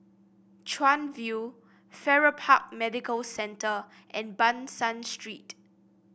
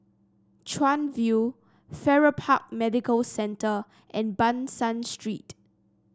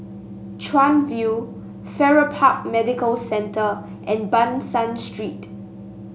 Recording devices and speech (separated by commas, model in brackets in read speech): boundary microphone (BM630), standing microphone (AKG C214), mobile phone (Samsung S8), read sentence